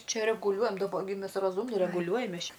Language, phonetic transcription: Lithuanian, ˈčia reguˈliuojam daˈba gi ˈmes raˈzūmni reguˈliuojam ˈmes ˈčia

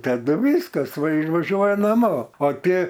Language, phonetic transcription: Lithuanian, taˈdu ˈvyskas vai vaˈžiuoja naˈmo o ˈtie

